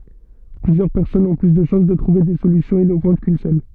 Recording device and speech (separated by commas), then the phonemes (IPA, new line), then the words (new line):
soft in-ear microphone, read sentence
plyzjœʁ pɛʁsɔnz ɔ̃ ply də ʃɑ̃s də tʁuve de solysjɔ̃z inovɑ̃t kyn sœl
Plusieurs personnes ont plus de chances de trouver des solutions innovantes qu’une seule.